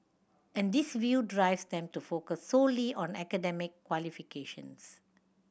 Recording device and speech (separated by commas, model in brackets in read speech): boundary microphone (BM630), read sentence